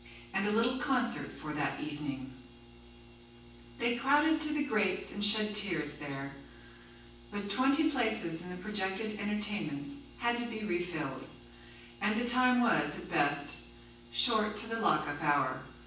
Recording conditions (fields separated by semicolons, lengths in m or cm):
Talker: one person; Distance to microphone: 9.8 m; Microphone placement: far; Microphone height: 1.8 m; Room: large; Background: none